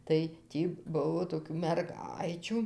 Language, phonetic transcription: Lithuanian, tai ˈtį ˈbuvo toˈkių merˈgaičių

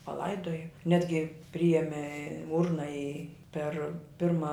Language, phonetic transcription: Lithuanian, paˈlaidoja ˈnetgi ˈprijeme ˈurna i per ˈpirma

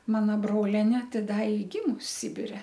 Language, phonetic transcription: Lithuanian, ˈmana ˈbrolenė ˈti ˈda i ˈgimus ˈsibire

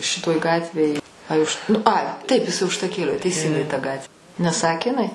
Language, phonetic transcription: Lithuanian, ˈšitoj ˈgatvėj ˈai už nu ˈai ˈtaip iˈsai užtaˈkėlio teiˈsingai ta ˈgat' neˈsakė iˈnai

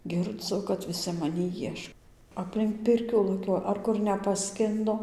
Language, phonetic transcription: Lithuanian, girˈdzu kad viˈsi maˈnį ˈjieš aplink ˈpirkių laˈkioja ar ˈkur nepaˈskindo

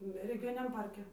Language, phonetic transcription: Lithuanian, regiˈjoniniam ˈparke

